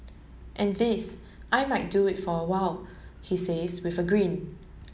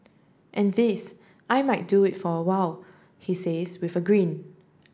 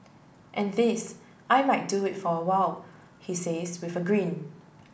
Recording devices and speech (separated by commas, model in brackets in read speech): mobile phone (Samsung S8), standing microphone (AKG C214), boundary microphone (BM630), read sentence